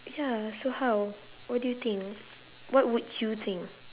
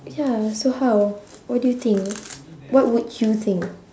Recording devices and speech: telephone, standing microphone, conversation in separate rooms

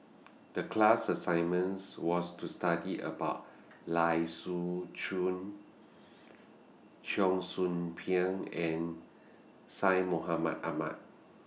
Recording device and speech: mobile phone (iPhone 6), read sentence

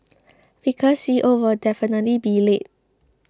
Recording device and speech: close-talking microphone (WH20), read sentence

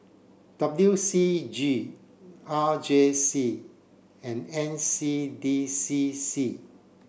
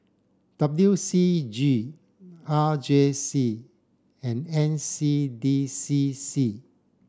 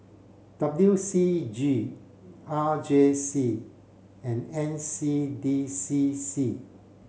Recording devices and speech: boundary microphone (BM630), standing microphone (AKG C214), mobile phone (Samsung C7), read sentence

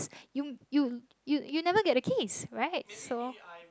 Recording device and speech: close-talking microphone, conversation in the same room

